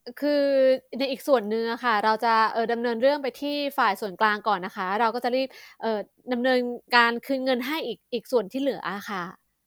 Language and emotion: Thai, neutral